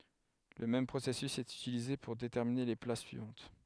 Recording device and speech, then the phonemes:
headset microphone, read sentence
lə mɛm pʁosɛsys ɛt ytilize puʁ detɛʁmine le plas syivɑ̃t

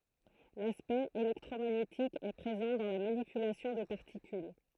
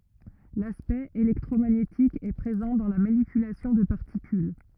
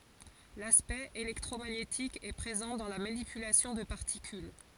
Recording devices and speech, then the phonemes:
throat microphone, rigid in-ear microphone, forehead accelerometer, read sentence
laspɛkt elɛktʁomaɲetik ɛ pʁezɑ̃ dɑ̃ la manipylasjɔ̃ də paʁtikyl

